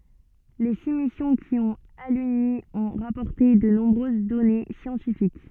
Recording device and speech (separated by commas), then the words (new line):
soft in-ear microphone, read sentence
Les six missions qui ont aluni ont rapporté de nombreuses données scientifiques.